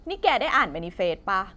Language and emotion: Thai, angry